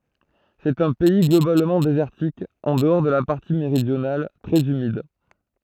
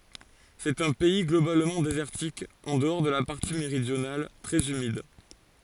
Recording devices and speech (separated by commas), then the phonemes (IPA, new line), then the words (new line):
throat microphone, forehead accelerometer, read sentence
sɛt œ̃ pɛi ɡlobalmɑ̃ dezɛʁtik ɑ̃ dəɔʁ də la paʁti meʁidjonal tʁɛz ymid
C'est un pays globalement désertique, en dehors de la partie méridionale, très humide.